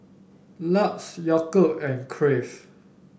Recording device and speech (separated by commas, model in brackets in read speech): boundary microphone (BM630), read sentence